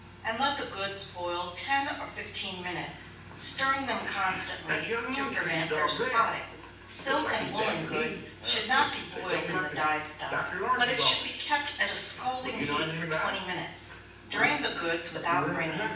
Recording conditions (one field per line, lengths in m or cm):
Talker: one person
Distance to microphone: 9.8 m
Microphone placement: far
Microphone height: 1.8 m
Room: large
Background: television